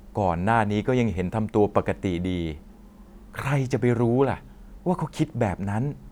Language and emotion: Thai, neutral